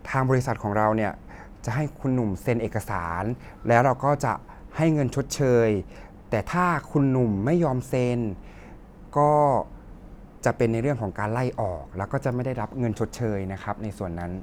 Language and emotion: Thai, frustrated